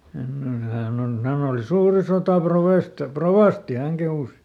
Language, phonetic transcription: Finnish, hemmone ˈhään ‿on ˈhän ‿oli ˈsuuri "sotàˈprovèst- , "-provàsti ˈhäŋ kehùs .
- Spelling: semmoinen hän on hän oli suuri - sotarovasti hän kehui

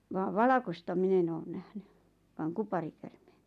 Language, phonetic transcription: Finnish, vaav "valakosta 'min ‿en oon nähny , vaaŋ 'kuparikärmeeɴ .
- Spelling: vaan valkoista minä en ole nähnyt vain kuparikäärmeen

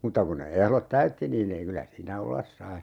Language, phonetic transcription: Finnish, 'mutta kun ne 'ehlot "täytti niin ‿ei 'kylä siinä "ollas sai .
- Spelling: mutta kun ne ehdot täytti niin ei kyllä siinä olla sai

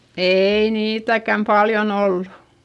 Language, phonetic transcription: Finnish, eii niitäkäm paljon ‿ollu .
- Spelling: ei niitäkään paljon ollut

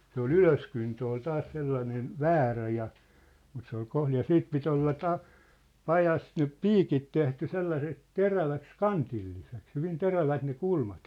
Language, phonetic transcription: Finnish, 'se ‿ol "ylöskyntö ol 'taas 'sellanen , "väärä ja , mut se ‿ol 'kohlij ja 'siit 'pit ‿olla 'ta- , "pajas nyp "piikit 'tehty 'sellaseks "teräväks "kantilliseks , hyvin 'terävät ne 'kulmat .
- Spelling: se oli ylöskyntö oli taas sellainen väärä ja mutta se oli kohdin ja siitä piti olla - pajassa nyt piikit tehty sellaiseksi teräväksi kantilliseksi hyvin terävät ne kulmat

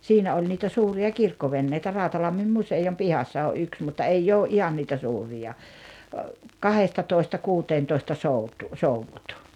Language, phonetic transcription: Finnish, 'siinä oĺ niitä 'suuri₍a "kirkkovenneitä 'Ráutalammim "musejom 'pihassa o’ '’yks mutta "eijj ‿oo’ "’ihan niitä 'suurija , "kahestatoista 'kuuteentoista 'soutu- "souvvut .
- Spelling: siinä oli niitä suuria kirkkoveneitä Rautalammin museon pihassa oli yksi mutta ei ole ihan niitä suuria kahdestatoista kuuteentoista - soudut

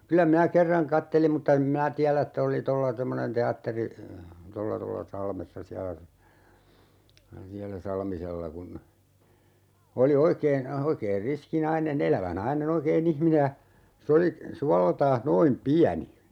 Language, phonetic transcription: Finnish, 'kylä minä "kerraŋ 'kattelim mutta 'em minä 'täälä et't ‿oli 'tolla 'temmonen "te₍atteri- , 'tolla 'tolla "Salmessa 'siälä , 'siälä "Salmisella kun , 'oli 'oikeen , 'oikeen 'riski "naine"n ‿elävä 'naine'n ‿oikee"n ‿ihmine ja , 'se oli , 'sualeltaah "noim 'piäni .
- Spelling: kyllä minä kerran katselin mutta en minä tiedä että oli tuolla semmoinen teatteri tuolla tuolla Salmessa siellä siellä Salmisella kun oli oikein oikein riski nainen elävä nainen oikein ihminen ja se oli suoleltaan noin pieni

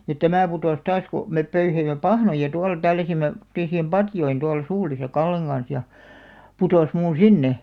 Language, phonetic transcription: Finnish, ja "tämä̀ putòs 'taas ku , mep 'pöyheim̆me "pahnoja tual 'tälläsimme , tᵒmotteesiim "patjoin 'tual "suulisa 'Kalleŋ ɢans ja , 'putòs muuṵ "sinne .
- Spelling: ja tämä putosi taas kun me pöyhimme pahnoja tuolla tälläsimme tämmöisiin patjoihin tuolla suulissa Kallen kanssa ja putosi minun sinne

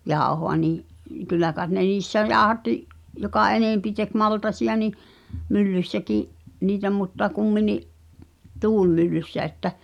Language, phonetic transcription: Finnish, 'jàohoa nii’ , 'kyllä kàet ne 'niissä "jaaᵒhatti’ , joka "enèmpi tek "maltasi₍a ni , 'myllyssäki’ , 'niitä mutta 'kummini’ , "tuulmyllyssä että ,.
- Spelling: jauhoa niin kyllä kai ne niissä jauhatti joka enempi teki maltaita niin myllyssäkin niitä mutta kumminkin tuulimyllyssä että

